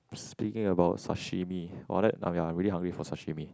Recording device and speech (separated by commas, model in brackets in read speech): close-talking microphone, conversation in the same room